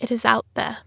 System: none